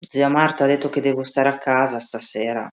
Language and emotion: Italian, sad